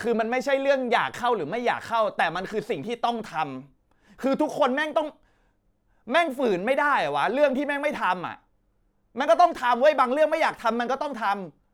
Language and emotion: Thai, angry